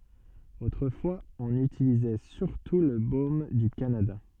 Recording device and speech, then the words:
soft in-ear microphone, read sentence
Autrefois, on utilisait surtout le baume du Canada.

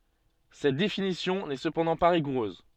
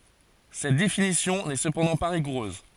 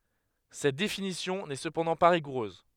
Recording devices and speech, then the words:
soft in-ear microphone, forehead accelerometer, headset microphone, read sentence
Cette définition n'est cependant pas rigoureuse.

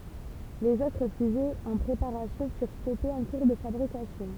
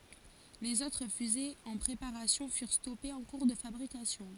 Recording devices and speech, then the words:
temple vibration pickup, forehead accelerometer, read sentence
Les autres fusées en préparation furent stoppées en cours de fabrication.

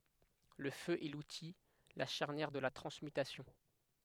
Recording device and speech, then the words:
headset microphone, read sentence
Le feu est l'outil, la charnière de la transmutation.

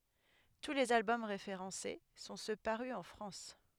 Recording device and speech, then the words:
headset microphone, read sentence
Tous les albums référencés sont ceux parus en France.

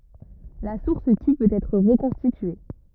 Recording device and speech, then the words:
rigid in-ear microphone, read sentence
La source Q peut être reconstituée.

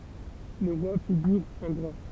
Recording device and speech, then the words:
temple vibration pickup, read sentence
Les rois figurent en gras.

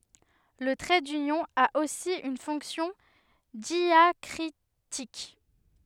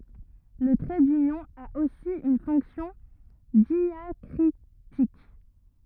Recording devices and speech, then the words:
headset microphone, rigid in-ear microphone, read sentence
Le trait d'union a aussi une fonction diacritique.

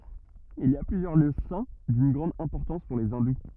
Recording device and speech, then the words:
rigid in-ear microphone, read sentence
Il y a plusieurs lieux saints d'une grande importance pour les hindous.

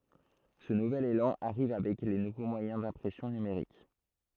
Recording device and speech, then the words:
throat microphone, read sentence
Ce nouvel élan arrive avec les nouveaux moyens d'impression numérique.

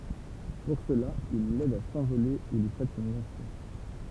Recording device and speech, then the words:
temple vibration pickup, read sentence
Pour cela, il l'aide à s'envoler ou lui prête son identité.

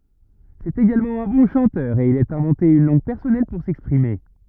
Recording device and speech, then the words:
rigid in-ear microphone, read sentence
C'est également un bon chanteur, et il a inventé une langue personnelle pour s'exprimer.

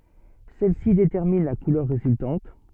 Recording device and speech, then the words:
soft in-ear microphone, read sentence
Celles-ci déterminent la couleur résultante.

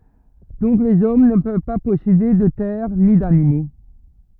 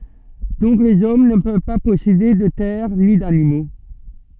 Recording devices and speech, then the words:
rigid in-ear microphone, soft in-ear microphone, read sentence
Donc les hommes ne peuvent pas posséder de terres ni d'animaux.

